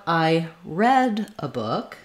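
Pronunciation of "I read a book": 'Read' is the past tense form here, so it is not said with the ee vowel you would expect from its ea spelling. Its vowel sound is different.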